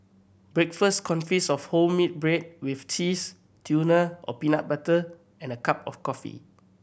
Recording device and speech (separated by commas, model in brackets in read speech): boundary microphone (BM630), read sentence